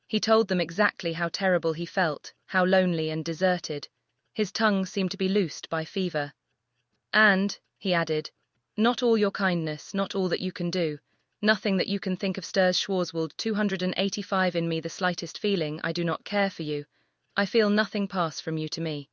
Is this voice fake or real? fake